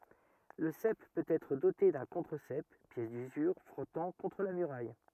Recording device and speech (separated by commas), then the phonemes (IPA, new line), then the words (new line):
rigid in-ear microphone, read sentence
lə sɛp pøt ɛtʁ dote dœ̃ kɔ̃tʁəzɛp pjɛs dyzyʁ fʁɔtɑ̃ kɔ̃tʁ la myʁaj
Le sep peut être doté d'un contre-sep, pièce d'usure frottant contre la muraille.